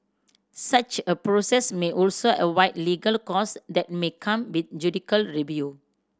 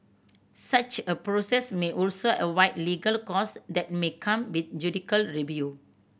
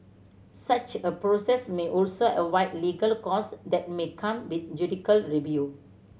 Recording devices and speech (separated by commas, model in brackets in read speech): standing microphone (AKG C214), boundary microphone (BM630), mobile phone (Samsung C7100), read sentence